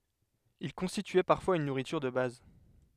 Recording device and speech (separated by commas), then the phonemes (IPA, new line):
headset microphone, read sentence
il kɔ̃stityɛ paʁfwaz yn nuʁityʁ də baz